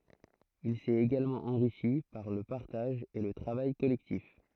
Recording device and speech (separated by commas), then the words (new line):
throat microphone, read sentence
Il s'est également enrichi par le partage et le travail collectif.